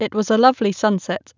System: none